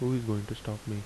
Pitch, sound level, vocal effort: 110 Hz, 75 dB SPL, soft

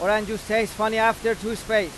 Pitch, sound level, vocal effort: 220 Hz, 99 dB SPL, very loud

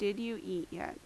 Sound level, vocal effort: 80 dB SPL, normal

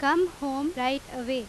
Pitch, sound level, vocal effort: 275 Hz, 91 dB SPL, very loud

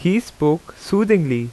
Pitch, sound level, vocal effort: 175 Hz, 86 dB SPL, loud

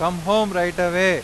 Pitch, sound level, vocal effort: 180 Hz, 99 dB SPL, very loud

